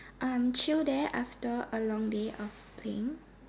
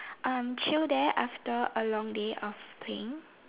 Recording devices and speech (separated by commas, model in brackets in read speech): standing microphone, telephone, conversation in separate rooms